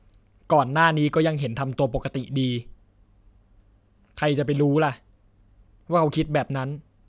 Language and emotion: Thai, frustrated